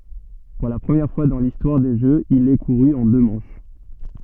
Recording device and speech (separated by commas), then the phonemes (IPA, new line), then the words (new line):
soft in-ear microphone, read sentence
puʁ la pʁəmjɛʁ fwa dɑ̃ listwaʁ de ʒøz il ɛ kuʁy ɑ̃ dø mɑ̃ʃ
Pour la première fois dans l'histoire des Jeux, il est couru en deux manches.